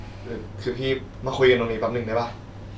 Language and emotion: Thai, frustrated